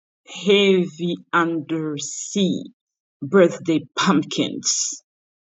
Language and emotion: English, disgusted